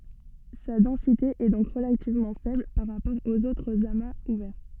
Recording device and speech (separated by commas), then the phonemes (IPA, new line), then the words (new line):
soft in-ear microphone, read sentence
sa dɑ̃site ɛ dɔ̃k ʁəlativmɑ̃ fɛbl paʁ ʁapɔʁ oz otʁz amaz uvɛʁ
Sa densité est donc relativement faible par rapport aux autres amas ouverts.